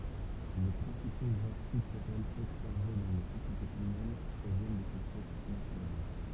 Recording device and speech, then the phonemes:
temple vibration pickup, read sentence
le pʁɛ̃sipo ʒɑ̃ʁ kyltyʁɛlz ɔbsɛʁve dɑ̃ le sosjetez ymɛn pʁovjɛn də se sɛks natyʁɛl

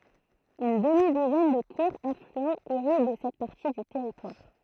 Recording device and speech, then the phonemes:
throat microphone, read sentence
yn dəmi duzɛn də kuʁz aflyɑ̃z iʁiɡ sɛt paʁti dy tɛʁitwaʁ

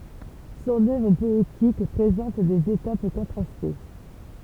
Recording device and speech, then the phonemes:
temple vibration pickup, read sentence
sɔ̃n œvʁ pɔetik pʁezɑ̃t dez etap kɔ̃tʁaste

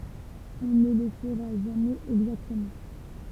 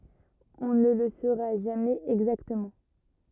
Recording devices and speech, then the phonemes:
temple vibration pickup, rigid in-ear microphone, read sentence
ɔ̃ nə lə soʁa ʒamɛz ɛɡzaktəmɑ̃

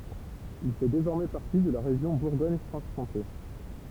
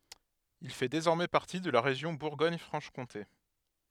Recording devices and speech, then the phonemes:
temple vibration pickup, headset microphone, read sentence
il fɛ dezɔʁmɛ paʁti də la ʁeʒjɔ̃ buʁɡɔɲ fʁɑ̃ʃ kɔ̃te

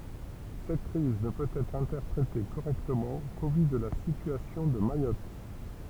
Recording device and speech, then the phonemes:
temple vibration pickup, read sentence
sɛt kʁiz nə pøt ɛtʁ ɛ̃tɛʁpʁete koʁɛktəmɑ̃ ko vy də la sityasjɔ̃ də majɔt

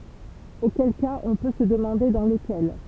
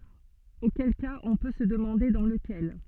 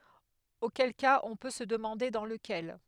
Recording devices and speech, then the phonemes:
temple vibration pickup, soft in-ear microphone, headset microphone, read sentence
okɛl kaz ɔ̃ pø sə dəmɑ̃de dɑ̃ ləkɛl

